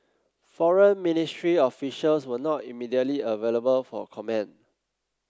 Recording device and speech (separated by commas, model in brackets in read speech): close-talking microphone (WH30), read sentence